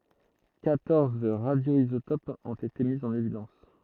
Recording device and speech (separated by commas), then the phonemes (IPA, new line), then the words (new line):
throat microphone, read sentence
kwatɔʁz ʁadjoizotopz ɔ̃t ete mi ɑ̃n evidɑ̃s
Quatorze radioisotopes ont été mis en évidence.